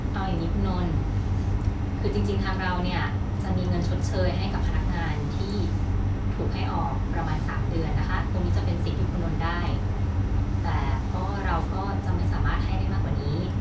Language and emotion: Thai, frustrated